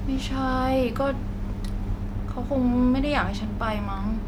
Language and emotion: Thai, sad